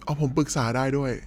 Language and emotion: Thai, neutral